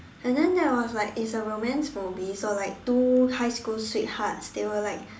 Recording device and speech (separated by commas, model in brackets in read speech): standing microphone, conversation in separate rooms